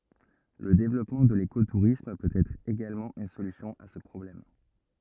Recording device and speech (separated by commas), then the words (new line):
rigid in-ear microphone, read sentence
Le développement de l'éco-tourisme peut être également une solution à ce problème.